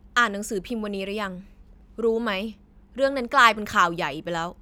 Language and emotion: Thai, frustrated